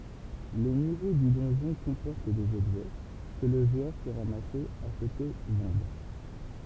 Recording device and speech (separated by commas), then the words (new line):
temple vibration pickup, read sentence
Les niveaux du donjon comportent des objets, que le joueur peut ramasser, acheter, vendre.